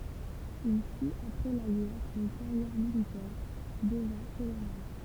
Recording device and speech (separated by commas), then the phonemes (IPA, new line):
temple vibration pickup, read sentence
il fit apʁɛ la ɡɛʁ yn kaʁjɛʁ militɛʁ dəvɛ̃ kolonɛl